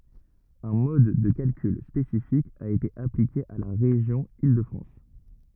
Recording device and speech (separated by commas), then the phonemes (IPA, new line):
rigid in-ear microphone, read sentence
œ̃ mɔd də kalkyl spesifik a ete aplike a la ʁeʒjɔ̃ il də fʁɑ̃s